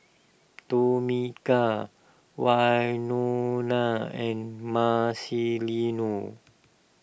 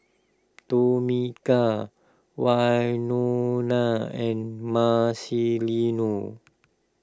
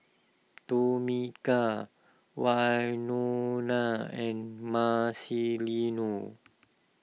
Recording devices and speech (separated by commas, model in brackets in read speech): boundary microphone (BM630), close-talking microphone (WH20), mobile phone (iPhone 6), read sentence